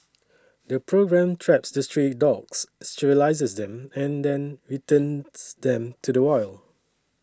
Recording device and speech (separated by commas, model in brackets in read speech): standing microphone (AKG C214), read sentence